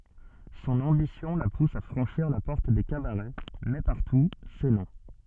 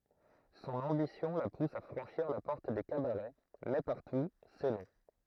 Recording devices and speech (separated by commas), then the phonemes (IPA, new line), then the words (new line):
soft in-ear microphone, throat microphone, read sentence
sɔ̃n ɑ̃bisjɔ̃ la pus a fʁɑ̃ʃiʁ la pɔʁt de kabaʁɛ mɛ paʁtu sɛ nɔ̃
Son ambition la pousse à franchir la porte des cabarets, mais partout, c’est non.